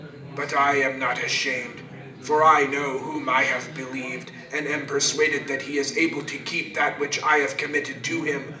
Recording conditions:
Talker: one person; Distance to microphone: 1.8 m; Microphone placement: close; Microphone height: 1.0 m; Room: large; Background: babble

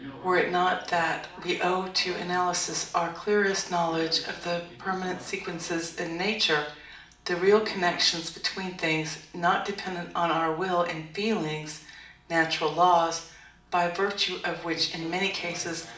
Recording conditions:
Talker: one person; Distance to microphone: 2.0 m; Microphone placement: close; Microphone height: 99 cm; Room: medium-sized (5.7 m by 4.0 m); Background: television

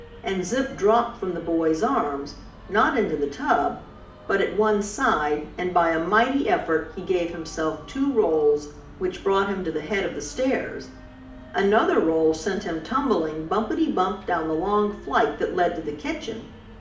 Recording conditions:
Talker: one person; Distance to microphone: 2.0 m; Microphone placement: close; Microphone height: 99 cm; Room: medium-sized (5.7 m by 4.0 m); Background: music

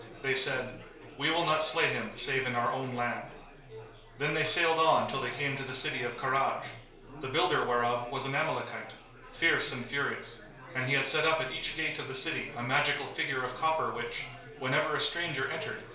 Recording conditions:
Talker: one person; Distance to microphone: 1.0 m; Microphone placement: close; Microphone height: 1.1 m; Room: small (3.7 m by 2.7 m); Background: babble

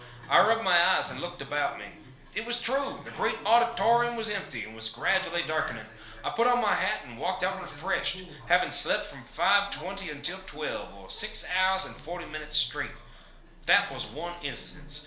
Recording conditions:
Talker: one person; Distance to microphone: 1.0 m; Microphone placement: close; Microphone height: 1.1 m; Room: small (3.7 m by 2.7 m); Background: television

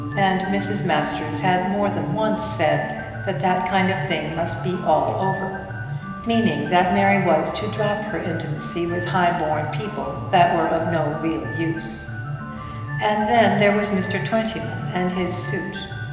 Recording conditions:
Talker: one person; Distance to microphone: 1.7 m; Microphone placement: close; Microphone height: 1.0 m; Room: very reverberant, large; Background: music

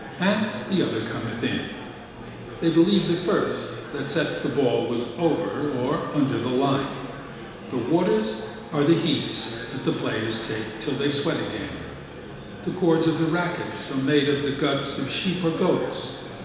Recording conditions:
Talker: one person; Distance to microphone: 1.7 m; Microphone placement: close; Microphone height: 1.0 m; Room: very reverberant, large; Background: babble

